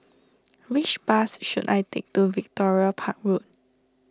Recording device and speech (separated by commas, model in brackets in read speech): standing microphone (AKG C214), read sentence